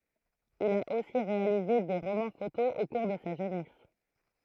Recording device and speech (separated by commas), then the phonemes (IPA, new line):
throat microphone, read sentence
il a osi ʁealize de ʁomɑ̃ fotoz o kuʁ də sa ʒønɛs